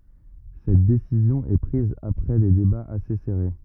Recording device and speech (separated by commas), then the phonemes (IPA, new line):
rigid in-ear microphone, read sentence
sɛt desizjɔ̃ ɛ pʁiz apʁɛ de debaz ase sɛʁe